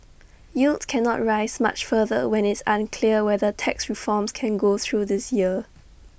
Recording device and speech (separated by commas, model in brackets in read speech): boundary microphone (BM630), read sentence